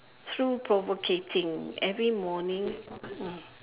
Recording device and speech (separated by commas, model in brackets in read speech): telephone, conversation in separate rooms